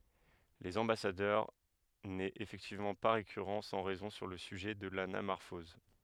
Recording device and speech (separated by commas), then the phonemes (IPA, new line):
headset microphone, read sentence
lez ɑ̃basadœʁ nɛt efɛktivmɑ̃ pa ʁekyʁɑ̃ sɑ̃ ʁɛzɔ̃ syʁ lə syʒɛ də lanamɔʁfɔz